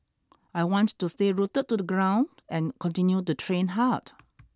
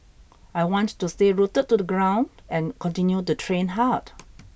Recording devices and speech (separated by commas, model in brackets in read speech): standing microphone (AKG C214), boundary microphone (BM630), read sentence